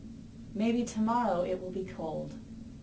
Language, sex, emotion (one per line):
English
female
neutral